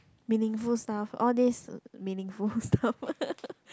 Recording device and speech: close-talking microphone, conversation in the same room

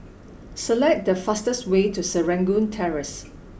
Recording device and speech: boundary microphone (BM630), read sentence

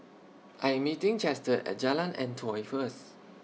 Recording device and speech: mobile phone (iPhone 6), read sentence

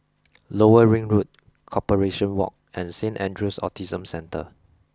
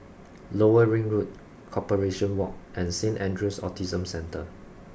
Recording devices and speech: close-talking microphone (WH20), boundary microphone (BM630), read sentence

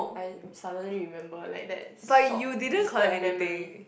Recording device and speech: boundary microphone, conversation in the same room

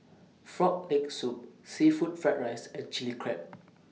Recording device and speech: mobile phone (iPhone 6), read sentence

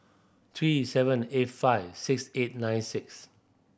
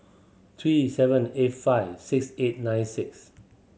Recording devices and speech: boundary microphone (BM630), mobile phone (Samsung C7100), read sentence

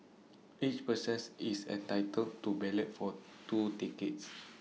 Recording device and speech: mobile phone (iPhone 6), read sentence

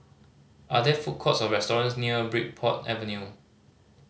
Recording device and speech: mobile phone (Samsung C5010), read sentence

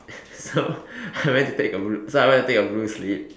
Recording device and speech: standing microphone, conversation in separate rooms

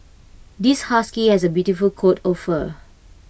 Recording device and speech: boundary microphone (BM630), read sentence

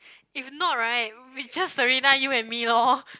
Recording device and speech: close-talking microphone, conversation in the same room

